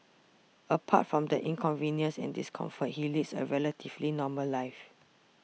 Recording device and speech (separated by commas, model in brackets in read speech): mobile phone (iPhone 6), read sentence